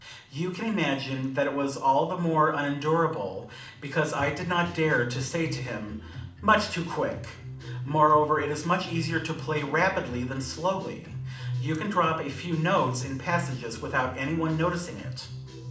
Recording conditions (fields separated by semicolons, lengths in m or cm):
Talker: one person; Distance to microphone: 2.0 m; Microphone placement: close; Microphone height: 99 cm; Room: medium-sized (5.7 m by 4.0 m); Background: music